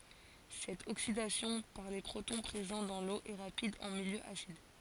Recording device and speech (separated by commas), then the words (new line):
forehead accelerometer, read sentence
Cette oxydation par les protons présents dans l'eau est rapide en milieu acide.